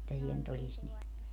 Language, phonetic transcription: Finnish, että (siel) ny't ‿olis ni .
- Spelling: että siellä nyt olisi niin

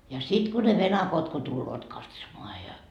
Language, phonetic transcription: Finnish, ja 'sit ku ne "venakot ko tulloot 'katsomoa ja .
- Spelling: ja sitten kun ne venakot kun tulevat katsomaan ja

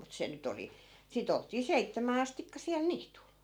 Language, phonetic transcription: Finnish, mut 'se nyt ‿oli , 'sit ‿olt̆tii "seittämää 'astikka sial "niitul .
- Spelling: mutta se nyt oli sitten oltiin seitsemään astikka siellä niityllä

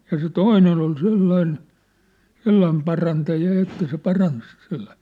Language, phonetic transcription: Finnish, ja se "toinen ‿ol 'sellain , "sellaim parantaja ja että se 'parans , sᴇʟʟᴀsɪɪ .
- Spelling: ja se toinen oli sellainen sellainen parantaja ja että se paransi sellaisia

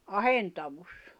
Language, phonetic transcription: Finnish, ahentavus .
- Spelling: ahentaus

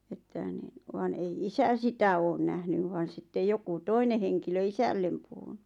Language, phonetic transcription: Finnish, että nin , vàn ei "isä 'sitä oon 'nähnyv vàn̬ sittej 'joku "toine heŋkilö "isällem puhuɴᴜ .
- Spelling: että niin vaan ei isä sitä ole nähnyt vaan sitten joku toinen henkilö isälle puhunut

